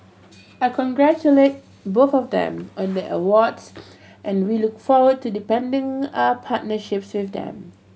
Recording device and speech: mobile phone (Samsung C7100), read sentence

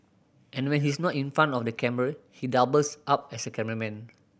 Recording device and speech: boundary microphone (BM630), read sentence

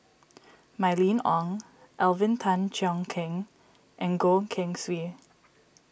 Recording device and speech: boundary microphone (BM630), read sentence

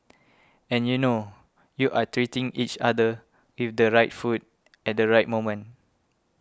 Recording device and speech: close-talking microphone (WH20), read sentence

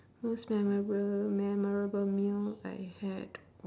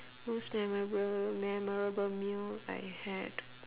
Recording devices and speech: standing microphone, telephone, conversation in separate rooms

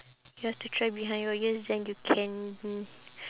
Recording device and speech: telephone, conversation in separate rooms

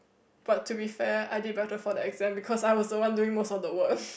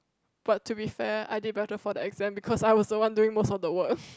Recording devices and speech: boundary microphone, close-talking microphone, conversation in the same room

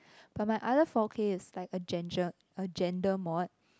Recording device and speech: close-talking microphone, conversation in the same room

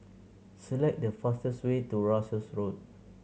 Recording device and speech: mobile phone (Samsung C7100), read sentence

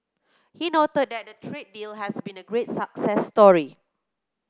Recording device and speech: close-talking microphone (WH30), read sentence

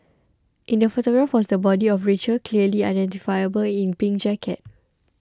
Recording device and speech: close-talking microphone (WH20), read sentence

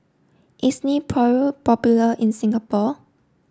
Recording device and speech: standing microphone (AKG C214), read sentence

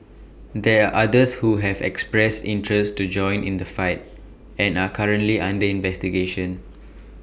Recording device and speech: boundary microphone (BM630), read sentence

